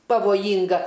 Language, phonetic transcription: Lithuanian, pavoˈjynga

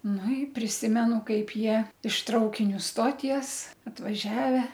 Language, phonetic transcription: Lithuanian, nu i priˈsimenu ˈkaip ˈjie iš ˈtraukiniu ˈstoties atvaˈžiave

